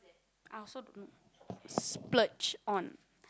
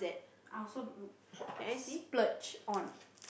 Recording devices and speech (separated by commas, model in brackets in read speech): close-talking microphone, boundary microphone, conversation in the same room